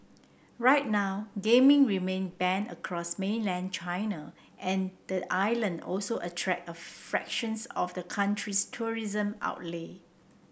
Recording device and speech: boundary microphone (BM630), read sentence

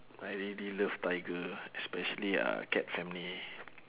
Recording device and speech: telephone, conversation in separate rooms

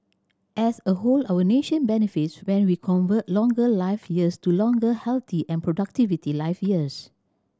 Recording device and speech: standing microphone (AKG C214), read sentence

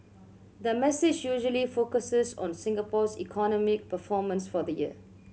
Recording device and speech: mobile phone (Samsung C7100), read sentence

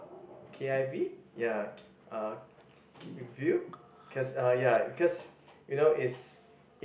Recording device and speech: boundary microphone, conversation in the same room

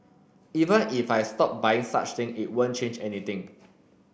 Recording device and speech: boundary microphone (BM630), read sentence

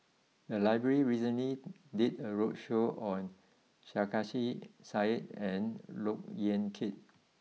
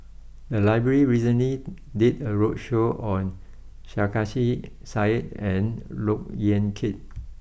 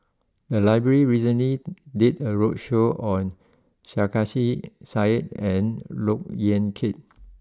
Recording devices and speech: mobile phone (iPhone 6), boundary microphone (BM630), close-talking microphone (WH20), read sentence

